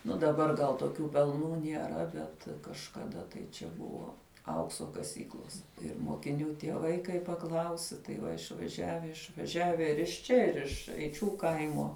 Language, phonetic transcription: Lithuanian, nu daˈbar gal toˈkių pelˈnų nieˈra ˈbet kažkaˈda tai čia ˈbuvo ˈaukso kaˈsyklos ir mokiˈnių tieˈvai kai paˈklausi tai ˈva išvaˈžiave išvaˈžiave ir iš ˈčia ˈir iš eiˈčių ˈkaimo

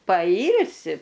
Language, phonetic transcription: Lithuanian, paˈylsi

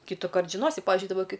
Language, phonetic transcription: Lithuanian, kytuˈkart žiˈnosi ˈpavižiui daˈba ˈkai

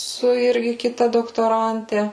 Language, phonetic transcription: Lithuanian, su ˈirgi kiˈta doktoˈrante

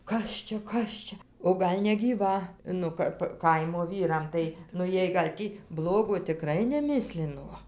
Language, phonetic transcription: Lithuanian, ˈkas čia ˈkas čia o ˈgal' negyˈva ˈnu kap ˈkaimo ˈvyram ˈtai nu ˈjiej gal' ˈtį ˈblogo tiˈkrai neˈmislino

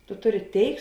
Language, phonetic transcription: Lithuanian, tu ˈtuˌri ˈtėik

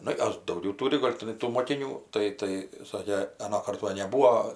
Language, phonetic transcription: Lithuanian, ˈnu ˈjos dauˈgiau ˈtūri ˈgol' tiˈnai tų mokiˈnių ˈtai tai ˈsakė aˈnokart ˈva neˈbūo

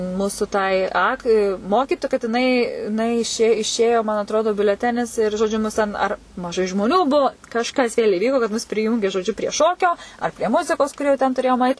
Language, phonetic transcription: Lithuanian, ˈmūsu tai ˈak i ˈmokytu kad jiˈnai iˈnai iˈšė iˈšėjo man atˈrodu biuleˈtenis ir žoˈdžiu mus ten ˈar maˈžai žmoˈnių ˈbuu kažˈkas vėl' iˈvyko kad mus priˈjūngė žoˈdžiu prie ˈšokio ar prie ˈmuzikos kur jau ten tuˈrėjom ait

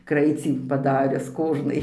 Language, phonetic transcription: Lithuanian, ˈkraicį paˈdarius ˈkožnai

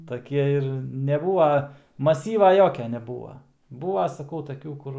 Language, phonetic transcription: Lithuanian, taˈkie ir neˈbūva maˈsyva ˈjokia neˈbūva ˈbūva saˈkau taˈkių ˈkur

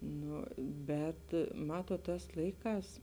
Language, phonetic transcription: Lithuanian, ˈnu ˈbet ˈmatuot ˈtās ˈlaiˌkās

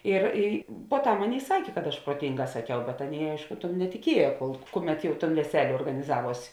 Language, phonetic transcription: Lithuanian, ir i poˈtam ˈaˌnėi ˈsakė kad aš pruoˈtinˌgā saˈkiau bet ˈaˌnėi ˈaišku tum netiˈkieja kol ˈkuˌmet ˈjau ton veˈselė organiˈzaˌvuos'

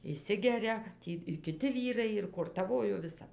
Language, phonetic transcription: Lithuanian, išˈsigeria ˈtį ir kiˈti ˈvyrai ir kortaˈvojo viˈsap

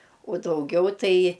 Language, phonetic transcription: Lithuanian, uo dauˈgiau ˈtai

